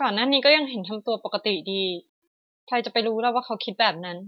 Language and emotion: Thai, neutral